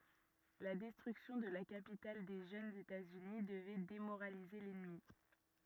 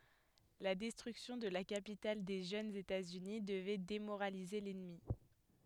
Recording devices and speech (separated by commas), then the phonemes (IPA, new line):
rigid in-ear microphone, headset microphone, read sentence
la dɛstʁyksjɔ̃ də la kapital de ʒønz etaz yni dəvɛ demoʁalize lɛnmi